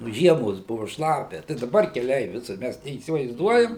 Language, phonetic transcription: Lithuanian, nu ˈžiemos ˈbuvu ˈšlapia tai daˈbar keˈliai ˈvisur ˈmæs neįsivaizˈduojam

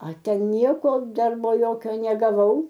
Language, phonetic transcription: Lithuanian, a ˈten ˈnieko ˈdarbo ˈjokio negaˈvau

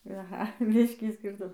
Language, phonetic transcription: Lithuanian, aˈha ˈbiškį ˈskyrtum

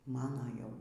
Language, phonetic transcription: Lithuanian, ˈmano ˈjau

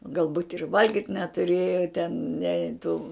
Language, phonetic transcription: Lithuanian, galˈbūt' ir ˈvalgyt' netuˈrėja ten ne tų

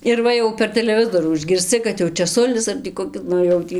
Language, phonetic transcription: Lithuanian, ir ˈva jau per teleˈvizorų išgirsˈci kad jau čeˈsulis ar tį koˈki ˈnu jau ˈtį

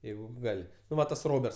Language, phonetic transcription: Lithuanian, ˈjeigu ˈgal' nu ˈva tas ˈroberts

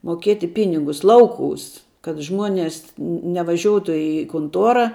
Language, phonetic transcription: Lithuanian, moˈkėti ˈpinigus ˈlauˌkūs kad ˈžmuones ne nevaˈžiuotu i kunˈtuora

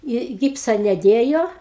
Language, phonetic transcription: Lithuanian, i ˈgipsa neˈdėjo

